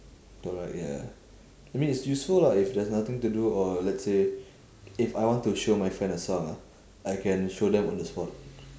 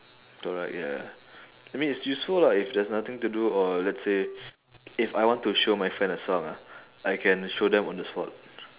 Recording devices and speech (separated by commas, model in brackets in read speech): standing microphone, telephone, conversation in separate rooms